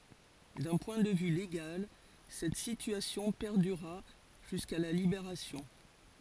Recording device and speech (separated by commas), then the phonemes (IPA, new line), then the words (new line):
forehead accelerometer, read sentence
dœ̃ pwɛ̃ də vy leɡal sɛt sityasjɔ̃ pɛʁdyʁa ʒyska la libeʁasjɔ̃
D'un point de vue légal, cette situation perdura jusqu'à la Libération.